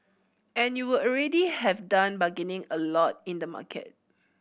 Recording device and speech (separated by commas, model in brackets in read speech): boundary microphone (BM630), read sentence